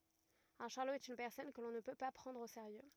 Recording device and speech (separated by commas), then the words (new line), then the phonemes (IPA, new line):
rigid in-ear microphone, read sentence
Un charlot est une personne que l'on ne peut pas prendre au sérieux.
œ̃ ʃaʁlo ɛt yn pɛʁsɔn kə lɔ̃ nə pø pa pʁɑ̃dʁ o seʁjø